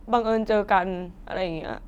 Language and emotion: Thai, sad